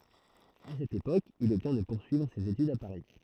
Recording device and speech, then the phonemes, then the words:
throat microphone, read sentence
a sɛt epok il ɔbtjɛ̃ də puʁsyivʁ sez etydz a paʁi
À cette époque, il obtient de poursuivre ses études à Paris.

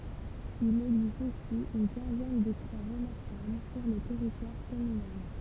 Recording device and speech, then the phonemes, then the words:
temple vibration pickup, read sentence
il ɛɡzist osi yn kɛ̃zɛn də kʁwa ʁəmaʁkabl syʁ lə tɛʁitwaʁ kɔmynal
Il existe aussi une quinzaine de croix remarquables sur le territoire communal.

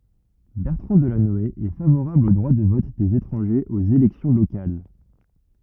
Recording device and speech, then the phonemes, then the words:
rigid in-ear microphone, read sentence
bɛʁtʁɑ̃ dəlanɔe ɛ favoʁabl o dʁwa də vɔt dez etʁɑ̃ʒez oz elɛksjɔ̃ lokal
Bertrand Delanoë est favorable au droit de vote des étrangers aux élections locales.

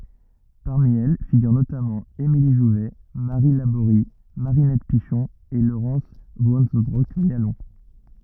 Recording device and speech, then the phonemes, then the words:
rigid in-ear microphone, read sentence
paʁmi ɛl fiɡyʁ notamɑ̃ emili ʒuvɛ maʁi laboʁi maʁinɛt piʃɔ̃ e loʁɑ̃s vɑ̃sønbʁɔk mjalɔ̃
Parmi elles figurent notamment: Émilie Jouvet, Marie Labory, Marinette Pichon, et Laurence Vanceunebrock-Mialon.

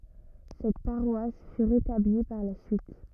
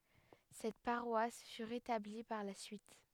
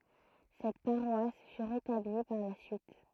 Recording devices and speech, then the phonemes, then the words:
rigid in-ear microphone, headset microphone, throat microphone, read sentence
sɛt paʁwas fy ʁetabli paʁ la syit
Cette paroisse fut rétablie par la suite.

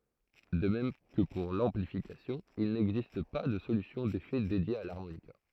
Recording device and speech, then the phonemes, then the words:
throat microphone, read sentence
də mɛm kə puʁ lɑ̃plifikasjɔ̃ il nɛɡzist pa də solysjɔ̃ defɛ dedje a laʁmonika
De même que pour l'amplification, il n'existe pas de solution d'effets dédiée à l'harmonica.

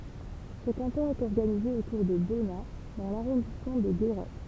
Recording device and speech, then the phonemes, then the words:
temple vibration pickup, read sentence
sə kɑ̃tɔ̃ ɛt ɔʁɡanize otuʁ də bɔna dɑ̃ laʁɔ̃dismɑ̃ də ɡeʁɛ
Ce canton est organisé autour de Bonnat dans l'arrondissement de Guéret.

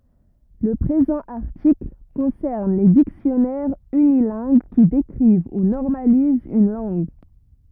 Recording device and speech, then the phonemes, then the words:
rigid in-ear microphone, read sentence
lə pʁezɑ̃ aʁtikl kɔ̃sɛʁn le diksjɔnɛʁz ynilɛ̃ɡ ki dekʁiv u nɔʁmalizt yn lɑ̃ɡ
Le présent article concerne les dictionnaires unilingues qui décrivent ou normalisent une langue.

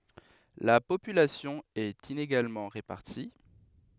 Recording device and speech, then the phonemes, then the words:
headset microphone, read sentence
la popylasjɔ̃ ɛt ineɡalmɑ̃ ʁepaʁti
La population est inégalement répartie.

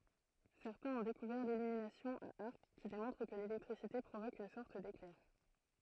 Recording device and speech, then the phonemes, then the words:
throat microphone, read sentence
sɛʁtɛ̃z ɔ̃ dekuvɛʁ lilyminasjɔ̃ a aʁk ki demɔ̃tʁ kə lelɛktʁisite pʁovok yn sɔʁt deklɛʁ
Certains ont découvert l'illumination à arc qui démontre que l'électricité provoque une sorte d'éclair.

